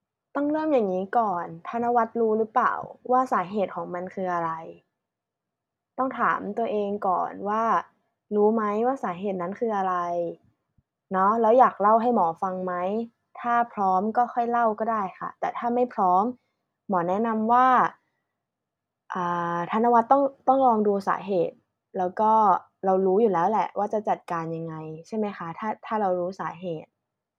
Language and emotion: Thai, neutral